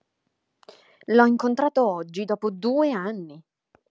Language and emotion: Italian, surprised